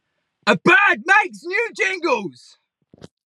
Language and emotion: English, neutral